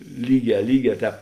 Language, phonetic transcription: Lithuanian, ˈlyˌgē ˈlyˌgē ˈtēp

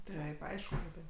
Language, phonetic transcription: Lithuanian, ˈtaip ˈaišku kad ˈtaip

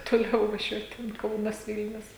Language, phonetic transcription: Lithuanian, toˈliau vaˈžiuot ten ˈkaunas ˈvilnius

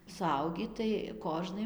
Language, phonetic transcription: Lithuanian, suˈaugį tai ˈkožnai

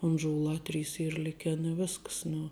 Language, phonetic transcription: Lithuanian, unžuˈlā ˈtrys ˈyr ˈliken i ˈvisks nu

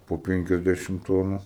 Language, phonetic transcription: Lithuanian, po ˈpenkiasdešim ˈtonų

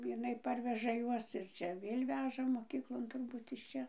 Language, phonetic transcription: Lithuanian, jiˈnai ˈparveža ˈjuos ir ˈčia ˈvėl' ˈveža moˈkyklon turˈbūt iš ˈčia

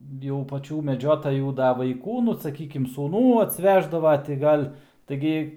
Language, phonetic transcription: Lithuanian, jau paˈčių meˈdžiotajų ˈda vaiˈkų ˈnu saˈkykim sūˈnų atsˈveždava ti ˈgal' taiˈgi

